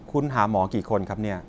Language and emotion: Thai, neutral